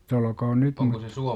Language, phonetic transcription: Finnish, -'t olkoon "nyt muttA , .
- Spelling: - olkoon nyt mutta

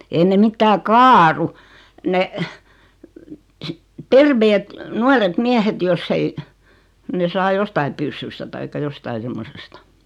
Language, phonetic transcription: Finnish, 'ei ne 'mittää "kaaru , 'ne , "terveet , "nuaret "miähet 'joss ‿ei , ne saa 'jostai pyssysta taikka 'jostai semmosesta .
- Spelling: ei ne mitään kaadu ne terveet nuoret miehet jos ei ne saa jostakin pyssystä tai jostakin semmoisesta

